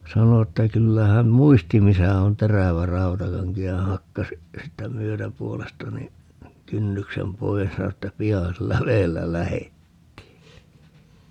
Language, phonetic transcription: Finnish, 'sano että 'kyllä häm "muisti 'misä on "terävä 'rantakaŋki ja 'hakkas , 'siittä "myötäpuolesta ni , "kynnyksem 'pois (ja 'sano) että » "pia 'sillä 'veellä "lähettii » .
- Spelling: sanoi että kyllä hän muisti missä on terävä rautakanki ja hakkasi siitä myötäpuolesta niin kynnyksen pois ja sanoi että pian sillä vedellä lähdettiin

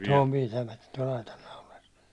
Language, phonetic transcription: Finnish, se om 'pitämätᴀ̈ tuål 'aitan naulas .
- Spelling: se on pitämättä tuolla aitan naulassa

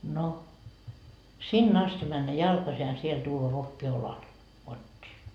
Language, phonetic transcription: Finnish, no , 'sin'n ‿asti männä "jalkasi ja siel 'tuuva vokki 'olal , 'kot́t́ii .
- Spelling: no sinne asti mennä jalkaisin ja sieltä tuoda vokki olalla kotiin

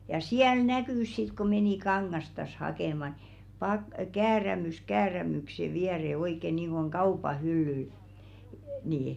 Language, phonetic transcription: Finnish, ja 'siäl "näkỳs sit ku 'menì "kaŋŋastas 'hakèma ni , pak- "käärämys "käärämykse viɛre oik̀e niiŋɢoŋ "kaupa 'hyllyl , nii₍i .
- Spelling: ja siellä näkyi sitten kun meni kangastaan hakemaan niin - käärämys käärämyksen viereen oikein niin kuin kaupan hyllyllä niin

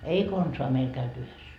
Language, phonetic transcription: Finnish, 'ei "konsoa meil käyty 'yhes .
- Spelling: ei konsaan meillä käyty yhdessä

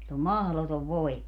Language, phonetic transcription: Finnish, sill ‿om "mahlotov 'voima .
- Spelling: sillä on mahdoton voima

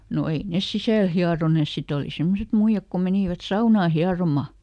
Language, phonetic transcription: Finnish, no ˈei nes "sisä̀l ˈhiaronès ˈsit ‿oli ˈsemmoset muiʲak ko ˈmenìvät ˈsaunaa "hiaroma .
- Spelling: no ei ne sisällä hieroneet sitten oli semmoiset muijat kun menivät saunaan hieromaan

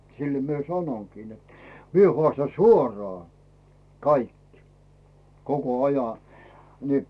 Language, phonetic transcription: Finnish, sillᵃ̈ mie 'sanoŋkii net , 'mie 'hᵒàstan̬ "suorᴏà , 'kaik , 'koko "aja , ni .
- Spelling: sillä minä sanonkin että minä haastan suoraan kaikki koko ajan niin

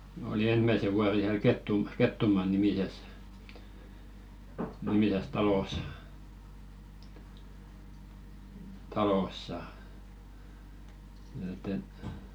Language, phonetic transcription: Finnish, oli 'ensmäse vuare hiäl "Kettum- 'Kettumaa-nimises , nimises "talos , 'talossa , et ‿et .
- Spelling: olin ensimmäisen vuoden siellä - Kettumaa-nimisessä nimisessä talossa talossa että että

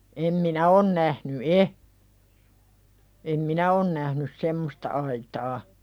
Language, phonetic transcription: Finnish, em 'minä on nähny "e , em "minä on nähnys 'semmosta aitaa .
- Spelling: en minä ole nähnyt ei en minä ole nähnyt semmoista aitaa

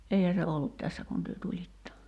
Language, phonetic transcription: Finnish, '’eihä se "ollut 'tässä kun työ 'tulitta ?
- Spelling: eihän se ollut tässä kun te tulitte

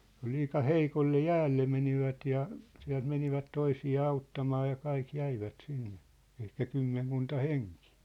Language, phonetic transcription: Finnish, liika "heikolle "jäälle menivät ja , siä̭lt menivät 'toisi₍aa 'auttamaa ja 'kaik 'jäivät 'sinnᴇ , ehkä "kymmeŋkunta "heŋkɪɪ .
- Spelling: liika heikolle jäälle menivät ja sieltä menivät toisiaan auttamaan ja kaikki jäivät sinne ehkä kymmenkunta henkeä

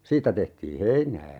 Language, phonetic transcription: Finnish, 'siittä tehtii "heinää .
- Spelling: siitä tehtiin heinää

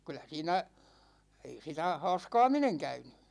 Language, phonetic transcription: Finnish, kyl̆lä 'siinä , ei 'sitä "ha̭a̭ska̭a̭mineŋ 'käyny .
- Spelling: kyllä siinä ei sitä haaskaaminen käynyt

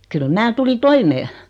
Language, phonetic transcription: Finnish, 'kyl 'mää tuli "toimee .
- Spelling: kyllä minä tulin toimeen

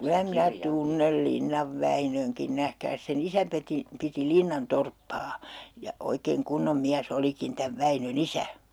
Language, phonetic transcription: Finnish, 'kylä 'minä "tunnel 'Linnav 'Väinöŋkin 'nähkääs se"n ‿isä peti , 'piti 'Linnan "torppaa , ja oikeeŋ 'kunnom 'miäs's ‿olikin täv 'Väinö"n ‿isä .
- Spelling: kyllä minä tunnen Linnan Väinönkin nähkääs sen isä piti piti Linnan torppaa ja oikein kunnon mies olikin tämän Väinön isä

